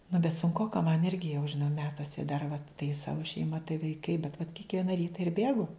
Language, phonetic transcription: Lithuanian, nu bet sunˈkoka man ˈirgi jau žiˈnau ˈmetuose dar vat tai ˈsavu šeiˈma tai vaiˈkai bet vat kikˈviena ˈryta ir ˈbėgu

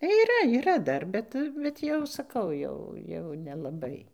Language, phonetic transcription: Lithuanian, yˈra yˈra ˈdar ˈbet bet ˈjau saˈkau ˈjau jau nelaˈbai

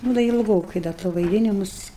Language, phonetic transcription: Lithuanian, ˈnū da ilˈgokai ˈda to vaiˈdinimus

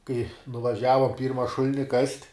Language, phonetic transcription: Lithuanian, kai nuvaˈžiava ˈpyrma ˈšulini kast'

